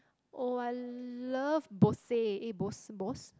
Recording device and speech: close-talking microphone, conversation in the same room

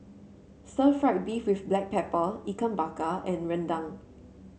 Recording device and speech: mobile phone (Samsung C7), read sentence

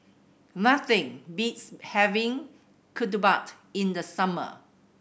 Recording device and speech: boundary microphone (BM630), read sentence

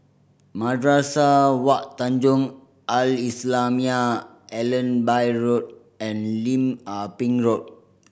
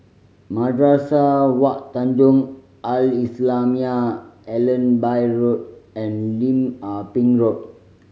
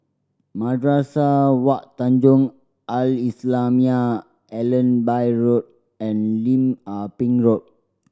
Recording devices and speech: boundary microphone (BM630), mobile phone (Samsung C5010), standing microphone (AKG C214), read sentence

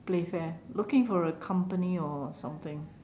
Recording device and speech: standing microphone, conversation in separate rooms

